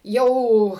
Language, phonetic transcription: Lithuanian, ˈjau

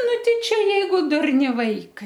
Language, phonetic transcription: Lithuanian, ˈnu ˈtei ˈčia ˈjeigu ˈdurni ˈvaikai

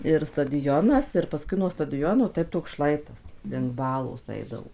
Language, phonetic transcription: Lithuanian, ir stadiˈjonas ir paˈskui nuo stadiˈjono ˈtaip toks ˈšlaitas link ˈbalos ˈaidavo

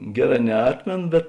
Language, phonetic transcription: Lithuanian, ˈgeˌrā neˈatmėno bet

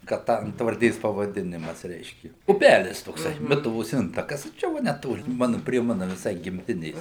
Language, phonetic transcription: Lithuanian, ka ˈtą antvarˈdės pavaˈdinimas ˈreiški uˈpælis tokˈsai ˈmituvos ˈintakas ˈčia ˈva neˈtoli ˈmanu prie ˈmanu viˈsai gimˈtinės

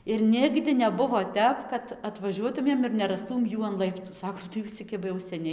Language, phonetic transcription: Lithuanian, ir ˈnigdi neˈbuvo ˈtep kad atvaˈžiuotumėm ir nerasˈtūm ˈjų an ˈlaiptu ˈsakom tai ˈjūs cia ˈkiba jau ˈseniai

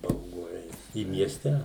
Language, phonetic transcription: Lithuanian, bauˈgu ˈeit i miesˈte

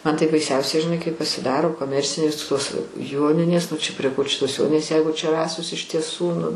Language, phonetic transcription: Lithuanian, ˈman tai baiˈsiausiai žiˈnai kaip pasiˈdaro koˈmercinės tos ˈjoninės nu čia prie ko čia tos ˈjoninės ˈjeigu čia ˈrasos iš tieˈsų nu

